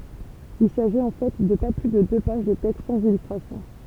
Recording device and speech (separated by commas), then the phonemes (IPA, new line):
temple vibration pickup, read sentence
il saʒit ɑ̃ fɛ də pa ply də dø paʒ də tɛkst sɑ̃z ilystʁasjɔ̃